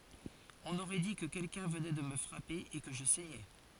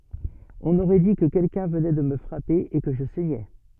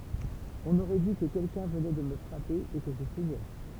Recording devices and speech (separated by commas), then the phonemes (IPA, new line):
forehead accelerometer, soft in-ear microphone, temple vibration pickup, read sentence
ɔ̃n oʁɛ di kə kɛlkœ̃ vənɛ də mə fʁape e kə ʒə sɛɲɛ